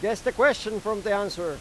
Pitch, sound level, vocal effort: 215 Hz, 100 dB SPL, very loud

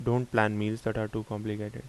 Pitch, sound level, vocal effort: 110 Hz, 79 dB SPL, soft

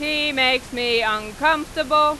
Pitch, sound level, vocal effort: 295 Hz, 100 dB SPL, very loud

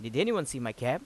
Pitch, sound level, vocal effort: 125 Hz, 90 dB SPL, loud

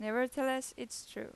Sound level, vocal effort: 90 dB SPL, normal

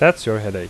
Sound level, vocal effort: 85 dB SPL, normal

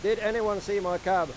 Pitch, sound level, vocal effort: 200 Hz, 99 dB SPL, loud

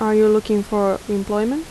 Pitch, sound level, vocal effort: 215 Hz, 81 dB SPL, soft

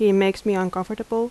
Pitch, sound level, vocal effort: 205 Hz, 83 dB SPL, normal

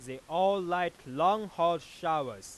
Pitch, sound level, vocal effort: 170 Hz, 101 dB SPL, very loud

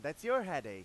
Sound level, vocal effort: 102 dB SPL, very loud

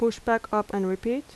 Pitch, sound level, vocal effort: 225 Hz, 80 dB SPL, normal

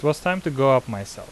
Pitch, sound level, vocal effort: 135 Hz, 86 dB SPL, normal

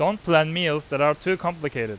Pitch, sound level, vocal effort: 155 Hz, 95 dB SPL, loud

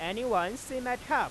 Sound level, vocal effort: 100 dB SPL, normal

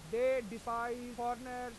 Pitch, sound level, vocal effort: 240 Hz, 98 dB SPL, very loud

